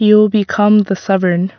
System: none